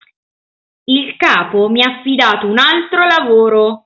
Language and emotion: Italian, angry